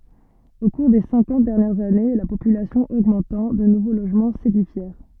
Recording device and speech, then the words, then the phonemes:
soft in-ear microphone, read sentence
Au cours des cinquante dernières années, la population augmentant, de nouveaux logements s’édifièrent.
o kuʁ de sɛ̃kɑ̃t dɛʁnjɛʁz ane la popylasjɔ̃ oɡmɑ̃tɑ̃ də nuvo loʒmɑ̃ sedifjɛʁ

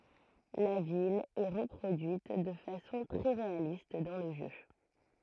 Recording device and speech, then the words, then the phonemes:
throat microphone, read sentence
La ville est reproduite de façon très réaliste dans le jeu.
la vil ɛ ʁəpʁodyit də fasɔ̃ tʁɛ ʁealist dɑ̃ lə ʒø

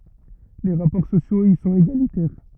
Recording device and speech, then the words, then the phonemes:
rigid in-ear microphone, read sentence
Les rapports sociaux y sont égalitaires.
le ʁapɔʁ sosjoz i sɔ̃t eɡalitɛʁ

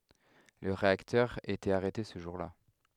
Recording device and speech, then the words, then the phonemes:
headset microphone, read sentence
Le réacteur était arrêté ce jour-là.
lə ʁeaktœʁ etɛt aʁɛte sə ʒuʁ la

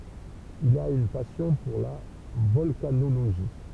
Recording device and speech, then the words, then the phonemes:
temple vibration pickup, read sentence
Il a une passion pour la volcanologie.
il a yn pasjɔ̃ puʁ la vɔlkanoloʒi

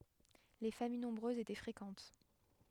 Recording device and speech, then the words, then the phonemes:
headset microphone, read sentence
Les familles nombreuses étaient fréquentes.
le famij nɔ̃bʁøzz etɛ fʁekɑ̃t

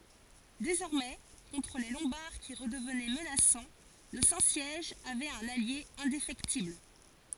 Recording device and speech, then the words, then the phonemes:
forehead accelerometer, read sentence
Désormais, contre les Lombards qui redevenaient menaçants, le Saint-Siège avait un allié indéfectible.
dezɔʁmɛ kɔ̃tʁ le lɔ̃baʁ ki ʁədəvnɛ mənasɑ̃ lə sɛ̃ sjɛʒ avɛt œ̃n alje ɛ̃defɛktibl

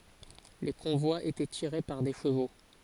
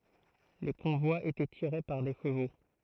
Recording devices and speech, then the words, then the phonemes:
forehead accelerometer, throat microphone, read sentence
Les convois étaient tirés par des chevaux.
le kɔ̃vwaz etɛ tiʁe paʁ de ʃəvo

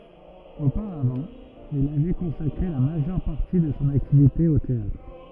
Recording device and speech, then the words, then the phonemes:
rigid in-ear microphone, read sentence
Auparavant, il avait consacré la majeure partie de son activité au théâtre.
opaʁavɑ̃ il avɛ kɔ̃sakʁe la maʒœʁ paʁti də sɔ̃ aktivite o teatʁ

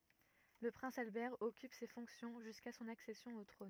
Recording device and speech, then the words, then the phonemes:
rigid in-ear microphone, read sentence
Le prince Albert occupe ces fonctions jusqu'à son accession au trône.
lə pʁɛ̃s albɛʁ ɔkyp se fɔ̃ksjɔ̃ ʒyska sɔ̃n aksɛsjɔ̃ o tʁɔ̃n

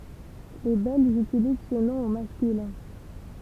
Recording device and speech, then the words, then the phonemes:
temple vibration pickup, read sentence
Les Belges utilisent ce nom au masculin.
le bɛlʒz ytiliz sə nɔ̃ o maskylɛ̃

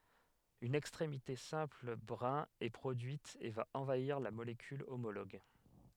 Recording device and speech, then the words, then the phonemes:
headset microphone, read sentence
Une extrémité simple brin est produite et va envahir la molécule homologue.
yn ɛkstʁemite sɛ̃pl bʁɛ̃ ɛ pʁodyit e va ɑ̃vaiʁ la molekyl omoloɡ

